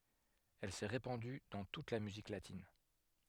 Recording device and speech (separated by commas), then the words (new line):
headset microphone, read sentence
Elle s'est répandue dans toute la musique latine.